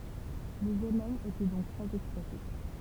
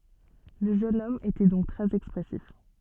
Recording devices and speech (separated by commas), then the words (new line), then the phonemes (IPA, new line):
temple vibration pickup, soft in-ear microphone, read sentence
Le jeune homme était donc très expressif.
lə ʒøn ɔm etɛ dɔ̃k tʁɛz ɛkspʁɛsif